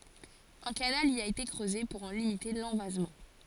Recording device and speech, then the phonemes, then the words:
forehead accelerometer, read sentence
œ̃ kanal i a ete kʁøze puʁ ɑ̃ limite lɑ̃vazmɑ̃
Un canal y a été creusé pour en limiter l'envasement.

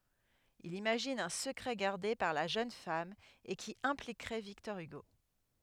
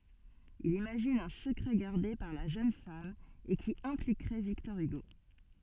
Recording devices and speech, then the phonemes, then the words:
headset microphone, soft in-ear microphone, read sentence
il imaʒin œ̃ səkʁɛ ɡaʁde paʁ la ʒøn fam e ki ɛ̃plikʁɛ viktɔʁ yɡo
Il imagine un secret gardé par la jeune femme et qui impliquerait Victor Hugo.

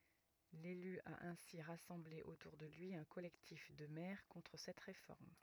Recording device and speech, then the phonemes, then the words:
rigid in-ear microphone, read sentence
lely a ɛ̃si ʁasɑ̃ble otuʁ də lyi œ̃ kɔlɛktif də mɛʁ kɔ̃tʁ sɛt ʁefɔʁm
L'élu a ainsi rassemblé autour de lui un collectif de maires contre cette réforme.

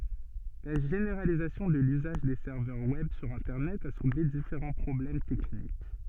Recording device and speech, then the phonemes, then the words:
soft in-ear microphone, read sentence
la ʒeneʁalizasjɔ̃ də lyzaʒ de sɛʁvœʁ wɛb syʁ ɛ̃tɛʁnɛt a sulve difeʁɑ̃ pʁɔblɛm tɛknik
La généralisation de l'usage des serveurs web sur internet a soulevé différents problèmes techniques.

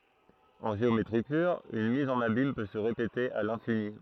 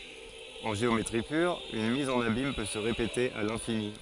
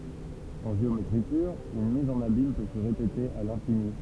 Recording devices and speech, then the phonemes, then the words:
throat microphone, forehead accelerometer, temple vibration pickup, read sentence
ɑ̃ ʒeometʁi pyʁ yn miz ɑ̃n abim pø sə ʁepete a lɛ̃fini
En géométrie pure, une mise en abyme peut se répéter à l’infini.

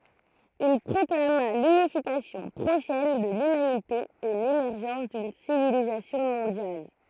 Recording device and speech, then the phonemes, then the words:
throat microphone, read sentence
il pʁɔklama lynifikasjɔ̃ pʁoʃɛn də lymanite e lemɛʁʒɑ̃s dyn sivilizasjɔ̃ mɔ̃djal
Il proclama l’unification prochaine de l’humanité et l’émergence d’une civilisation mondiale.

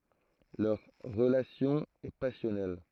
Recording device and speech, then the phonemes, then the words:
throat microphone, read sentence
lœʁ ʁəlasjɔ̃ ɛ pasjɔnɛl
Leur relation est passionnelle.

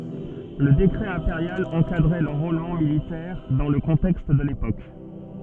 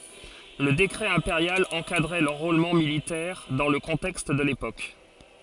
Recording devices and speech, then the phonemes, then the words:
soft in-ear microphone, forehead accelerometer, read sentence
lə dekʁɛ ɛ̃peʁjal ɑ̃kadʁɛ lɑ̃ʁolmɑ̃ militɛʁ dɑ̃ lə kɔ̃tɛkst də lepok
Le décret impérial encadrait l’enrôlement militaire, dans le contexte de l’époque.

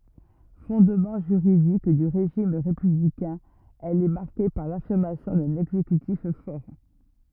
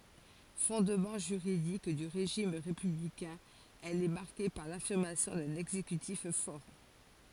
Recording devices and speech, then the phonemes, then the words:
rigid in-ear microphone, forehead accelerometer, read sentence
fɔ̃dmɑ̃ ʒyʁidik dy ʁeʒim ʁepyblikɛ̃ ɛl ɛ maʁke paʁ lafiʁmasjɔ̃ dœ̃n ɛɡzekytif fɔʁ
Fondement juridique du régime républicain, elle est marquée par l'affirmation d'un exécutif fort.

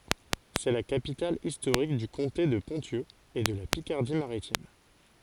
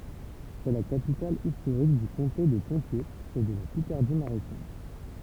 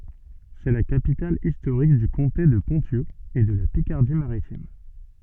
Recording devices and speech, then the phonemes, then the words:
forehead accelerometer, temple vibration pickup, soft in-ear microphone, read sentence
sɛ la kapital istoʁik dy kɔ̃te də pɔ̃sjø e də la pikaʁdi maʁitim
C'est la capitale historique du comté de Ponthieu et de la Picardie maritime.

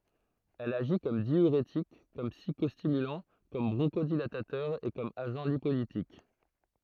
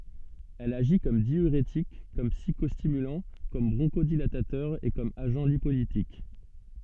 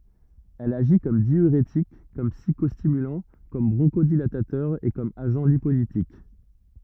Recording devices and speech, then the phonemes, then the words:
throat microphone, soft in-ear microphone, rigid in-ear microphone, read sentence
ɛl aʒi kɔm djyʁetik kɔm psikɔstimylɑ̃ kɔm bʁɔ̃ʃodilatatœʁ e kɔm aʒɑ̃ lipolitik
Elle agit comme diurétique, comme psychostimulant, comme bronchodilatateur et comme agent lipolytique.

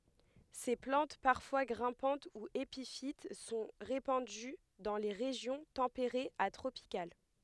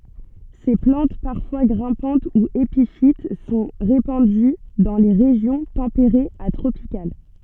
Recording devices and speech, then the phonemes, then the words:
headset microphone, soft in-ear microphone, read sentence
se plɑ̃t paʁfwa ɡʁɛ̃pɑ̃t u epifit sɔ̃ ʁepɑ̃dy dɑ̃ le ʁeʒjɔ̃ tɑ̃peʁez a tʁopikal
Ces plantes, parfois grimpantes ou épiphytes, sont répandues dans les régions tempérées à tropicales.

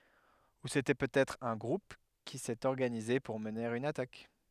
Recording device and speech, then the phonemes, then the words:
headset microphone, read sentence
u setɛ pøtɛtʁ œ̃ ɡʁup ki sɛt ɔʁɡanize puʁ məne yn atak
Ou c'était peut-être un groupe qui s'est organisé pour mener une attaque.

